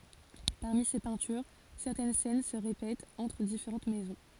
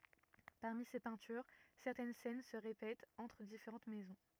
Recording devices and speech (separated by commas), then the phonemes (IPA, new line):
forehead accelerometer, rigid in-ear microphone, read sentence
paʁmi se pɛ̃tyʁ sɛʁtɛn sɛn sə ʁepɛtt ɑ̃tʁ difeʁɑ̃t mɛzɔ̃